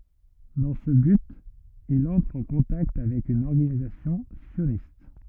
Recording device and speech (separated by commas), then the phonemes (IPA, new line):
rigid in-ear microphone, read sentence
dɑ̃ sə byt il ɑ̃tʁ ɑ̃ kɔ̃takt avɛk yn ɔʁɡanizasjɔ̃ sjonist